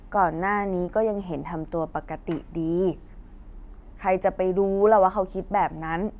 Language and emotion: Thai, frustrated